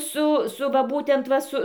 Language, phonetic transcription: Lithuanian, ˈsu ˈsu va ˈbūtent ˈva su

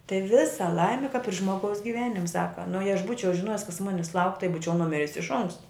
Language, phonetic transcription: Lithuanian, tai ˈvisa ˈlaimi kap ir ˈžmogaus giˈvenim' ˈsaka nu jei aš ˈbūčiau žiˈnojis kas ˈmunis lauk' tai ˈbūčiau nuˈmiris iš ˈonksta

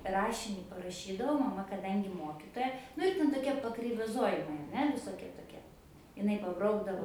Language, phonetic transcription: Lithuanian, ˈrašinį paraˈšydavau maˈma kaˈdangi ˈmokitoja ˈnu ir ten toˈkie pakreivaˈzojimai ar ˈne visoˈkie toˈkie iˈnai paˈbraukdavo

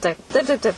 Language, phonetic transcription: Lithuanian, ˈtaip taip taip ˈtaip

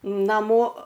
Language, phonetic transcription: Lithuanian, naˈmo

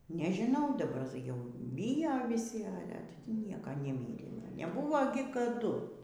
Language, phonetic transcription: Lithuanian, nežiˈnau daˈbar jau ˈbijo viˈsi ˈale ˈnieka neˈmyrė neˈbuvo gi kaˈdu

